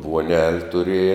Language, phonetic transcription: Lithuanian, vuoˈnel' tuˈrieja

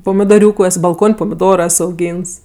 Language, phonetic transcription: Lithuanian, pomidoˈriūku es balˈkon' pomiˈdoro ˈes auˈgyns

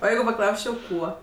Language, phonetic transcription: Lithuanian, o ˈjeigu paˈklausčiau ˈkuo

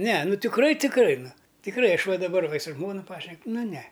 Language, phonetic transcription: Lithuanian, ne nu tikˈrai tikˈrai nu tikˈrai ˈaš ˈva daˈbar va i su ˈžmonu ˈpašnek ˈnu ne

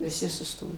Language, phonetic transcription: Lithuanian, viˈsi suˈstojo

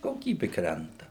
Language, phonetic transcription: Lithuanian, koˈkybi ˈkrenta

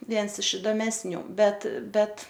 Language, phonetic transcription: Lithuanian, ˈviens iš idomesˈnių ˈbet ˈbet

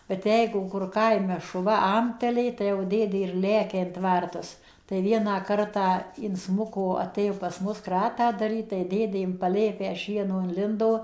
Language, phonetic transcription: Lithuanian, bet ˈjeigu kur ˈkaime šuˈva ˈamtelė tai jau ˈdėdė ir ˈlekia in ˈtvartus tai ˈvieną ˈkartą inˈsmuko aˈtėjo pas ˈmus ˈkratą daˈryt tai ˈdėdė im paˈlėpę ˈšieno inˈlindo

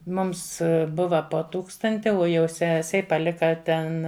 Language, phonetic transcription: Lithuanian, ˈmums ˈbuva po ˈtūkstanti o jau ˈsesei paˈlika ˈten

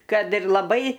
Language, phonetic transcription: Lithuanian, ˈkad ir laˈbai

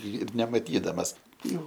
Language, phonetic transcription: Lithuanian, ir nemaˈtydamas ˈjau

